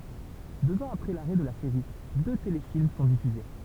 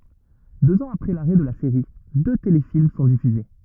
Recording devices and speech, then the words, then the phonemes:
temple vibration pickup, rigid in-ear microphone, read sentence
Deux ans après l'arrêt de la série, deux téléfilms sont diffusés.
døz ɑ̃z apʁɛ laʁɛ də la seʁi dø telefilm sɔ̃ difyze

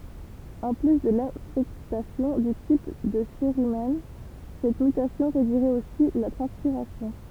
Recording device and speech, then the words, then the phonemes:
temple vibration pickup, read sentence
En plus de l'affectation du type de cérumen, cette mutation réduirait aussi la transpiration.
ɑ̃ ply də lafɛktasjɔ̃ dy tip də seʁymɛn sɛt mytasjɔ̃ ʁedyiʁɛt osi la tʁɑ̃spiʁasjɔ̃

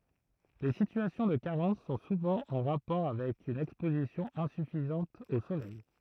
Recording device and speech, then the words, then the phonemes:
throat microphone, read sentence
Les situations de carence sont souvent en rapport avec une exposition insuffisante au soleil.
le sityasjɔ̃ də kaʁɑ̃s sɔ̃ suvɑ̃ ɑ̃ ʁapɔʁ avɛk yn ɛkspozisjɔ̃ ɛ̃syfizɑ̃t o solɛj

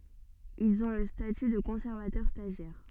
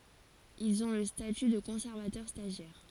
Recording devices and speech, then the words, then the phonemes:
soft in-ear microphone, forehead accelerometer, read sentence
Ils ont le statut de conservateur stagiaire.
ilz ɔ̃ lə staty də kɔ̃sɛʁvatœʁ staʒjɛʁ

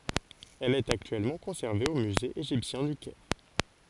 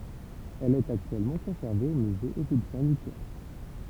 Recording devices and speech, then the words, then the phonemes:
forehead accelerometer, temple vibration pickup, read sentence
Elle est actuellement conservée au Musée égyptien du Caire.
ɛl ɛt aktyɛlmɑ̃ kɔ̃sɛʁve o myze eʒiptjɛ̃ dy kɛʁ

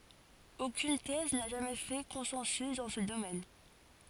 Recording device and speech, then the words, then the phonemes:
forehead accelerometer, read sentence
Aucune thèse n'a jamais fait consensus dans ce domaine.
okyn tɛz na ʒamɛ fɛ kɔ̃sɑ̃sy dɑ̃ sə domɛn

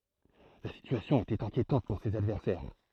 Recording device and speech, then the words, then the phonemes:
throat microphone, read sentence
La situation était inquiétante pour ses adversaires.
la sityasjɔ̃ etɛt ɛ̃kjetɑ̃t puʁ sez advɛʁsɛʁ

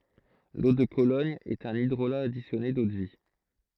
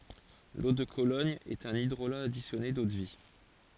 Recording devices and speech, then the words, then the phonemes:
throat microphone, forehead accelerometer, read sentence
L'eau de Cologne est un hydrolat additionné d'eau-de-vie.
lo də kolɔɲ ɛt œ̃n idʁola adisjɔne dodvi

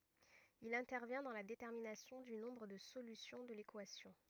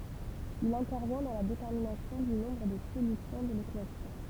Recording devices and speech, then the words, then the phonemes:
rigid in-ear microphone, temple vibration pickup, read sentence
Il intervient dans la détermination du nombre de solutions de l'équation.
il ɛ̃tɛʁvjɛ̃ dɑ̃ la detɛʁminasjɔ̃ dy nɔ̃bʁ də solysjɔ̃ də lekwasjɔ̃

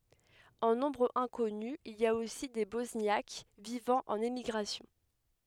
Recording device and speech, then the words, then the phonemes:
headset microphone, read sentence
En nombre inconnu, il y a aussi des Bosniaques vivant en émigration.
ɑ̃ nɔ̃bʁ ɛ̃kɔny il i a osi de bɔsnjak vivɑ̃ ɑ̃n emiɡʁasjɔ̃

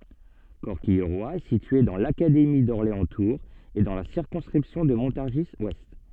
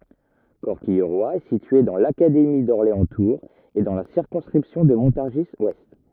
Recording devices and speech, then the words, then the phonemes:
soft in-ear microphone, rigid in-ear microphone, read sentence
Corquilleroy est située dans l'académie d'Orléans-Tours et dans la circonscription de Montargis-ouest.
kɔʁkijʁwa ɛ sitye dɑ̃ lakademi dɔʁleɑ̃stuʁz e dɑ̃ la siʁkɔ̃skʁipsjɔ̃ də mɔ̃taʁʒizwɛst

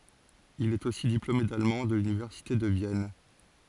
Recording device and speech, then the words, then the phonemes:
forehead accelerometer, read sentence
Il est aussi diplômé d'allemand de l'université de Vienne.
il ɛt osi diplome dalmɑ̃ də lynivɛʁsite də vjɛn

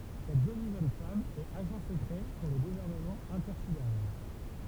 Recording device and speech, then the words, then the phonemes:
temple vibration pickup, read sentence
Cette jolie jeune femme est agent secret pour le Gouvernement intersidéral.
sɛt ʒoli ʒøn fam ɛt aʒɑ̃ səkʁɛ puʁ lə ɡuvɛʁnəmɑ̃ ɛ̃tɛʁsideʁal

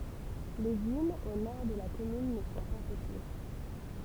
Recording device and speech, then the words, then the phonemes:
temple vibration pickup, read sentence
Les dunes au nord de la commune ne sont pas peuplées.
le dynz o nɔʁ də la kɔmyn nə sɔ̃ pa pøple

